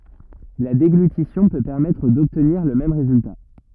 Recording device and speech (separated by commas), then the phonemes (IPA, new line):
rigid in-ear microphone, read sentence
la deɡlytisjɔ̃ pø pɛʁmɛtʁ dɔbtniʁ lə mɛm ʁezylta